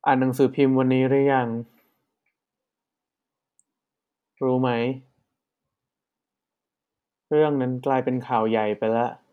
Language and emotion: Thai, frustrated